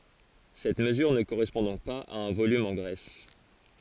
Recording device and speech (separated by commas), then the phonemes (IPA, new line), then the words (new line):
forehead accelerometer, read sentence
sɛt məzyʁ nə koʁɛspɔ̃ dɔ̃k paz a œ̃ volym ɑ̃ ɡʁɛs
Cette mesure ne correspond donc pas à un volume en graisse.